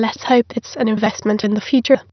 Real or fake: fake